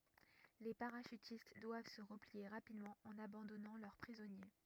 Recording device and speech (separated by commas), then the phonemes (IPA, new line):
rigid in-ear microphone, read sentence
le paʁaʃytist dwav sə ʁəplie ʁapidmɑ̃ ɑ̃n abɑ̃dɔnɑ̃ lœʁ pʁizɔnje